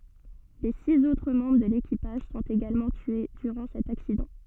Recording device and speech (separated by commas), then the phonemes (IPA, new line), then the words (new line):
soft in-ear microphone, read sentence
le siz otʁ mɑ̃bʁ də lekipaʒ sɔ̃t eɡalmɑ̃ tye dyʁɑ̃ sɛt aksidɑ̃
Les six autres membres de l'équipage sont également tués durant cet accident.